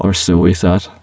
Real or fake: fake